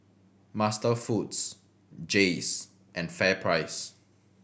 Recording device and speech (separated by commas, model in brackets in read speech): boundary microphone (BM630), read sentence